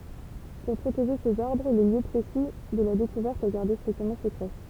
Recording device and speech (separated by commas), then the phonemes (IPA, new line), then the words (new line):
temple vibration pickup, read sentence
puʁ pʁoteʒe sez aʁbʁ lə ljø pʁesi də la dekuvɛʁt ɛ ɡaʁde stʁiktəmɑ̃ səkʁɛ
Pour protéger ces arbres, le lieu précis de la découverte est gardé strictement secret.